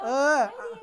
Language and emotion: Thai, frustrated